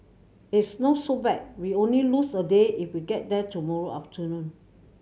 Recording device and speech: mobile phone (Samsung C7100), read sentence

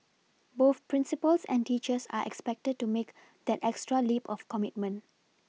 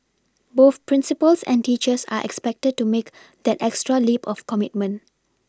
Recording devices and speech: mobile phone (iPhone 6), standing microphone (AKG C214), read sentence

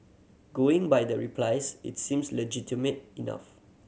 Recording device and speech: mobile phone (Samsung C7100), read sentence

